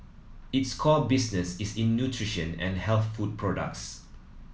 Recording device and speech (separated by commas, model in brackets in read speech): mobile phone (iPhone 7), read sentence